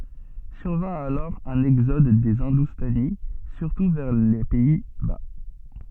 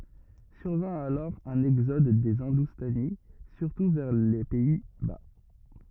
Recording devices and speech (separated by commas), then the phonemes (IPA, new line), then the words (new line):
soft in-ear microphone, rigid in-ear microphone, read sentence
syʁvɛ̃ alɔʁ œ̃n ɛɡzɔd de ɛ̃dustani syʁtu vɛʁ le pɛi ba
Survint alors un exode des Hindoustanis, surtout vers les Pays-Bas.